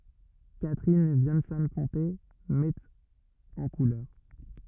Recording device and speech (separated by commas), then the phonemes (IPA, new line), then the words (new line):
rigid in-ear microphone, read sentence
katʁin vjɑ̃sɔ̃ pɔ̃te mɛt ɑ̃ kulœʁ
Catherine Viansson-Ponté met en couleur.